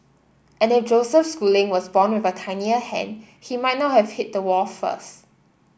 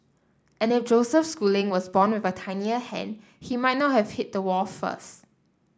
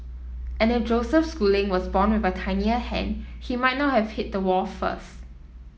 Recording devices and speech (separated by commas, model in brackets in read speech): boundary microphone (BM630), standing microphone (AKG C214), mobile phone (iPhone 7), read sentence